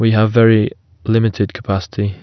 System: none